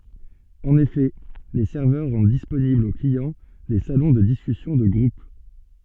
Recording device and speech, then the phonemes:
soft in-ear microphone, read sentence
ɑ̃n efɛ le sɛʁvœʁ ʁɑ̃d disponiblz o kliɑ̃ de salɔ̃ də diskysjɔ̃ də ɡʁup

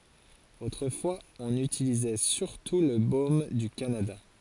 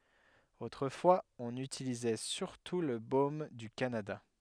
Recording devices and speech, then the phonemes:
forehead accelerometer, headset microphone, read sentence
otʁəfwaz ɔ̃n ytilizɛ syʁtu lə bom dy kanada

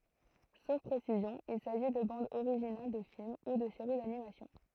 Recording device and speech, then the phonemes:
throat microphone, read sentence
sof pʁesizjɔ̃ il saʒi də bɑ̃dz oʁiʒinal də film u də seʁi danimasjɔ̃

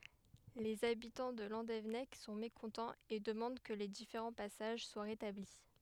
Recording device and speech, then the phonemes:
headset microphone, read sentence
lez abitɑ̃ də lɑ̃devɛnɛk sɔ̃ mekɔ̃tɑ̃z e dəmɑ̃d kə le difeʁɑ̃ pasaʒ swa ʁetabli

